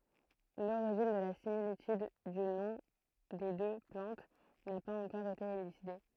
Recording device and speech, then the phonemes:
throat microphone, read sentence
loʁiʒin də la similityd dy nɔ̃ de dø plɑ̃t na paz ɑ̃kɔʁ ete elyside

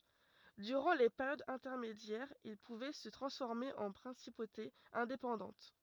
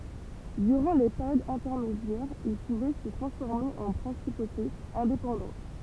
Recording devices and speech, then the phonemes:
rigid in-ear microphone, temple vibration pickup, read sentence
dyʁɑ̃ le peʁjodz ɛ̃tɛʁmedjɛʁz il puvɛ sə tʁɑ̃sfɔʁme ɑ̃ pʁɛ̃sipotez ɛ̃depɑ̃dɑ̃t

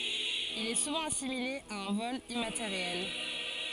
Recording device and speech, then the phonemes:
forehead accelerometer, read sentence
il ɛ suvɑ̃ asimile a œ̃ vɔl immateʁjɛl

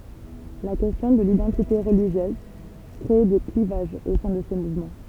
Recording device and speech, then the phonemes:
temple vibration pickup, read sentence
la kɛstjɔ̃ də lidɑ̃tite ʁəliʒjøz kʁe de klivaʒz o sɛ̃ də se muvmɑ̃

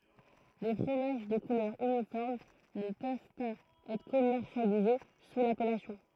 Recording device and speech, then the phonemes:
throat microphone, read sentence
le fʁomaʒ də kulœʁ ynifɔʁm nə pøv paz ɛtʁ kɔmɛʁsjalize su lapɛlasjɔ̃

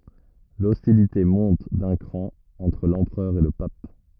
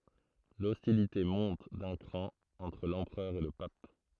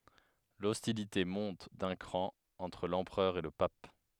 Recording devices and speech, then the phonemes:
rigid in-ear microphone, throat microphone, headset microphone, read sentence
lɔstilite mɔ̃t dœ̃ kʁɑ̃ ɑ̃tʁ lɑ̃pʁœʁ e lə pap

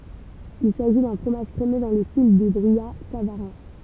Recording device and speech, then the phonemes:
temple vibration pickup, read sentence
il saʒi dœ̃ fʁomaʒ kʁemø dɑ̃ lə stil dy bʁijatsavaʁɛ̃

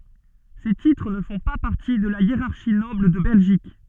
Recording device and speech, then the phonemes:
soft in-ear microphone, read sentence
se titʁ nə fɔ̃ pa paʁti də la jeʁaʁʃi nɔbl də bɛlʒik

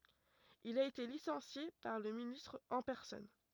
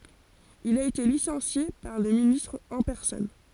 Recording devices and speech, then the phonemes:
rigid in-ear microphone, forehead accelerometer, read sentence
il a ete lisɑ̃sje paʁ lə ministʁ ɑ̃ pɛʁsɔn

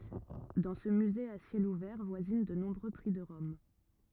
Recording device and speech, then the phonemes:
rigid in-ear microphone, read sentence
dɑ̃ sə myze a sjɛl uvɛʁ vwazin də nɔ̃bʁø pʁi də ʁɔm

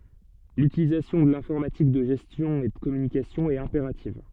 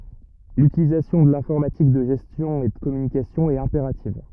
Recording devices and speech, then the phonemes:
soft in-ear microphone, rigid in-ear microphone, read sentence
lytilizasjɔ̃ də lɛ̃fɔʁmatik də ʒɛstjɔ̃ e də kɔmynikasjɔ̃ ɛt ɛ̃peʁativ

